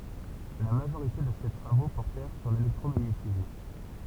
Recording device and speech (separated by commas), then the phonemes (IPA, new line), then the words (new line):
temple vibration pickup, read sentence
la maʒoʁite də se tʁavo pɔʁtɛʁ syʁ lelɛktʁomaɲetism
La majorité de ses travaux portèrent sur l'électromagnétisme.